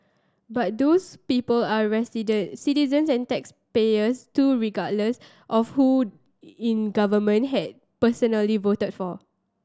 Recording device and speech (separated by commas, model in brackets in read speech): standing microphone (AKG C214), read sentence